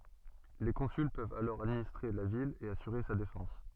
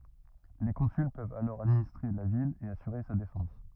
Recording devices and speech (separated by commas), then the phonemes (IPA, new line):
soft in-ear microphone, rigid in-ear microphone, read sentence
le kɔ̃syl pøvt alɔʁ administʁe la vil e asyʁe sa defɑ̃s